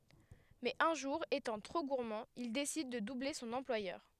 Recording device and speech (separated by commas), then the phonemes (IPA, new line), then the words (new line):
headset microphone, read sentence
mɛz œ̃ ʒuʁ etɑ̃ tʁo ɡuʁmɑ̃ il desid də duble sɔ̃n ɑ̃plwajœʁ
Mais un jour, étant trop gourmand, il décide de doubler son employeur.